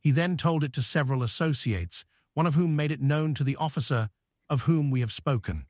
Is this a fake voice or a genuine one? fake